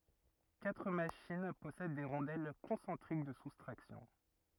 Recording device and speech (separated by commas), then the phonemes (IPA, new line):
rigid in-ear microphone, read sentence
katʁ maʃin pɔsɛd de ʁɔ̃dɛl kɔ̃sɑ̃tʁik də sustʁaksjɔ̃